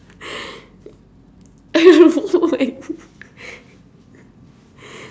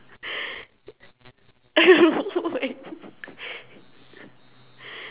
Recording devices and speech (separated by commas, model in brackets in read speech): standing microphone, telephone, conversation in separate rooms